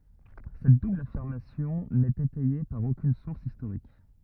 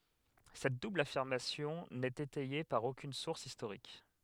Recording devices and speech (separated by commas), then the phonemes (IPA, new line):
rigid in-ear microphone, headset microphone, read sentence
sɛt dubl afiʁmasjɔ̃ nɛt etɛje paʁ okyn suʁs istoʁik